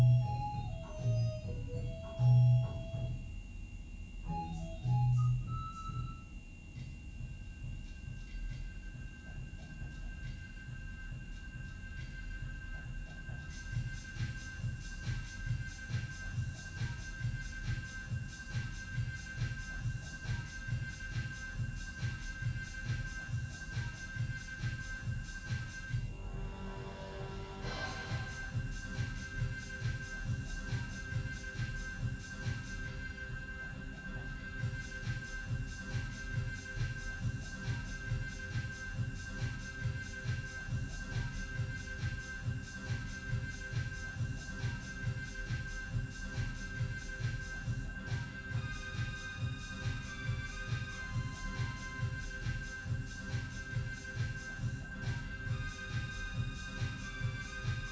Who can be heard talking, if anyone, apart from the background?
No one.